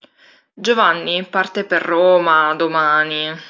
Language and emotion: Italian, sad